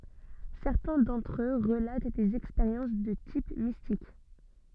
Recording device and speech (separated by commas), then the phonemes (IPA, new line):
soft in-ear microphone, read sentence
sɛʁtɛ̃ dɑ̃tʁ ø ʁəlat dez ɛkspeʁjɑ̃s də tip mistik